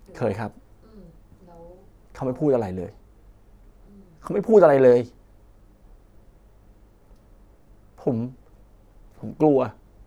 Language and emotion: Thai, sad